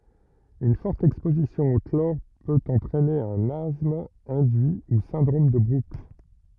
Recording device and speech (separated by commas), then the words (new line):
rigid in-ear microphone, read sentence
Une forte exposition au chlore peut entraîner un asthme induit ou syndrome de Brooks.